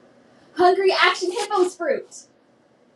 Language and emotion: English, happy